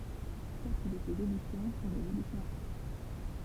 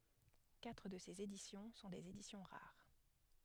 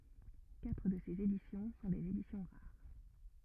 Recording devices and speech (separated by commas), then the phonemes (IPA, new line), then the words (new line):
temple vibration pickup, headset microphone, rigid in-ear microphone, read sentence
katʁ də sez edisjɔ̃ sɔ̃ dez edisjɔ̃ ʁaʁ
Quatre de ces éditions sont des éditions rares.